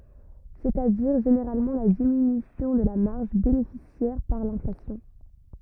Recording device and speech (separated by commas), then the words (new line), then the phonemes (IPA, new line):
rigid in-ear microphone, read sentence
C'est-à-dire, généralement la diminution de la marge bénéficiaire par l'inflation.
sɛt a diʁ ʒeneʁalmɑ̃ la diminysjɔ̃ də la maʁʒ benefisjɛʁ paʁ lɛ̃flasjɔ̃